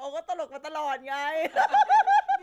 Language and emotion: Thai, happy